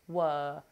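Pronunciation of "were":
'Were' is said in an RP accent, with no R sound. The vowel is a thinking sound like 'uh'.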